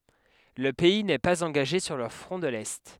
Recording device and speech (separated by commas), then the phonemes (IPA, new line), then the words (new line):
headset microphone, read sentence
lə pɛi nɛ paz ɑ̃ɡaʒe syʁ lə fʁɔ̃ də lɛ
Le pays n'est pas engagé sur le Front de l'Est.